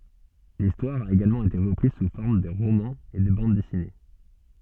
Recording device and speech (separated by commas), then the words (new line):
soft in-ear microphone, read sentence
L'histoire a également été reprise sous forme de romans et de bandes dessinées.